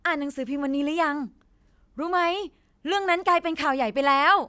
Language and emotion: Thai, happy